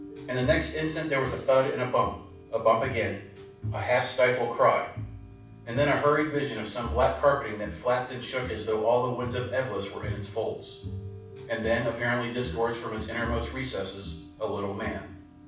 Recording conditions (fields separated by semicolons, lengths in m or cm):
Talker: one person; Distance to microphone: 5.8 m; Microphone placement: far; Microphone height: 1.8 m; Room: medium-sized (5.7 m by 4.0 m); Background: music